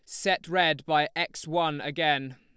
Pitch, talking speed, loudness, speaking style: 155 Hz, 165 wpm, -27 LUFS, Lombard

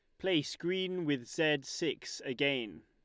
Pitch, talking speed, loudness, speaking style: 145 Hz, 135 wpm, -34 LUFS, Lombard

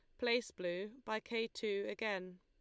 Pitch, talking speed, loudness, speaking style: 215 Hz, 165 wpm, -40 LUFS, Lombard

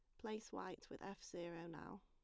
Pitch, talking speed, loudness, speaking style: 175 Hz, 195 wpm, -52 LUFS, plain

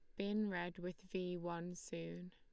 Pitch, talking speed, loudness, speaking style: 180 Hz, 170 wpm, -44 LUFS, Lombard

